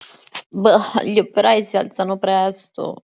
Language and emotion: Italian, disgusted